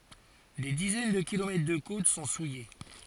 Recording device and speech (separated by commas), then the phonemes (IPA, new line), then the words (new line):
forehead accelerometer, read sentence
de dizɛn də kilomɛtʁ də kot sɔ̃ suje
Des dizaines de kilomètres de côtes sont souillées.